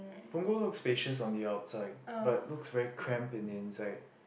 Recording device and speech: boundary microphone, conversation in the same room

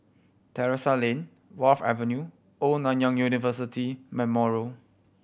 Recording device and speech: boundary microphone (BM630), read sentence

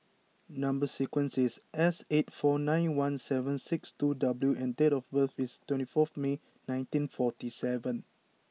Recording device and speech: mobile phone (iPhone 6), read sentence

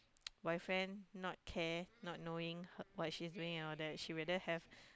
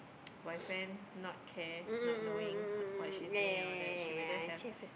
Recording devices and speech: close-talking microphone, boundary microphone, conversation in the same room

